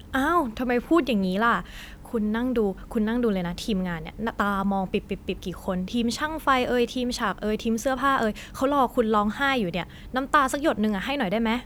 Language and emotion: Thai, frustrated